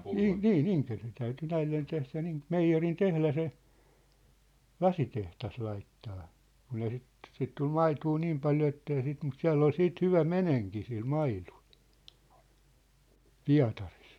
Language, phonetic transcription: Finnish, 'Iŋ- , 'nii"n ‿Iŋkerö(isen) täyty 'näillen tehlä niin , "meijjerin 'tehlä se , "lasiteht̳as laittaa , 'kun ‿ei sit , 'sit 'tul "maituu "niim paljo ettei sit mut "siä̭ll ‿ol 'siit 'hyvä "meneŋki sil "mailᴜʟ , "Pia̭taris .
- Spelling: - niin Inkeroisen täytyi näille tehdä niin meijerin tehdä se lasitehdas laittaa kun ei sitä sitä tuli maitoa niin paljon että ei sitä mutta siellä oli sitten hyvä menekki sillä maidolla Pietarissa

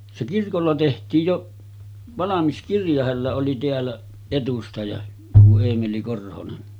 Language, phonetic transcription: Finnish, se 'kirkolla teht̀iij joˀ , 'valamis 'kirja hällä oli teällä , etustaja , tuo 'Eemeli 'Korhonen .
- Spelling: se kirkolla tehtiin jo valmis kirja hänellä oli täällä edustaja tuo Eemeli Korhonen

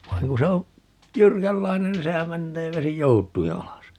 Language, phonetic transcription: Finnish, 'vaiŋ ku 'se o , "jyrkällainen nin 'sehäm 'mennee 'vesi "jout̀ui 'alas .
- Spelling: vaan kun se on jyrkänlainen niin sehän menee vesi joutuin alas

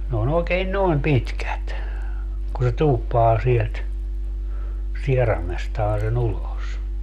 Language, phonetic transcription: Finnish, n ‿oon ‿ookeen "noem 'pitkät , ku se 'tuuppaa sielt , 'sieramestaa se'n ‿ulos .
- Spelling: ne on oikein noin pitkät kun se tuuppaa sieltä sieraimestaan sen ulos

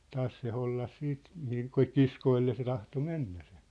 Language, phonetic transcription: Finnish, 'taas se 'hollas 'siit , mihiŋ 'kŏ- "kiskoille se tahto 'mennä sᴇ .
- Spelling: taas se hollasi sitten mihin - kiskoille se tahtoi mennä se

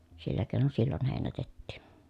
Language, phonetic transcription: Finnish, sillä kèi̮non sillon hèinätettìn̬ .
- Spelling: sillä keinoin silloin heinätettiin

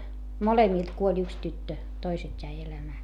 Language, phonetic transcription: Finnish, molemìlt kuoĺ ‿yks tyttö , toiset́ jäi elämää .
- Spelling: molemmilta kuoli yksi tyttö toiset jäi elämään

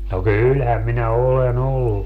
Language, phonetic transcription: Finnish, no "kylhäm minä "ole'n ‿ollu .
- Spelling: no kyllähän minä olen ollut

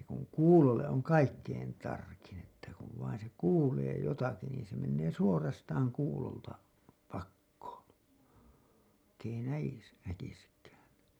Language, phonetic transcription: Finnish, se kuŋ "kuulolle’ ’oŋ "kaikkein 'tarkin ‿että kuv vain se "kuulee 'jotaki niin se mennee "suorastaaŋ 'kuulolta , 'pakkoon̬ , vaikk ‿ei näjis- , 'näkiskään .
- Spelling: se kun kuulolle on kaikkein tarkin että kun vain se kuulee jotakin niin se menee suorastaan kuulolta pakoon vaikka ei - näkisikään

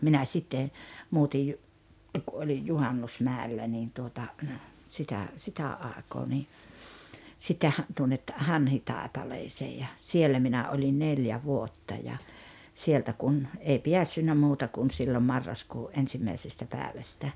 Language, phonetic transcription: Finnish, minä 'sitte , 'muutij jo , ku 'olij "Juhannusmä̀ellä niin tuota , 'sitä , 'sitä '’àekoo ni , sitte ha- , tuonnet , "Hanhitàepaleesee ja , 'siellä 'minä oĺin "neljä 'vuotta ja , 'sieltä kun , 'ei "piässynnä 'muuta kun siilo 'marraskuu’ '’ensimmäisestä päävästä .
- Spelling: minä sitten muutin jo kun olin Juhannusmäellä niin tuota sitä sitä aikaa niin sitten - tuonne Hanhitaipaleeseen ja siellä minä olin neljä vuotta ja sieltä kun ei päässyt muuta kuin silloin marraskuun ensimmäisestä päivästä

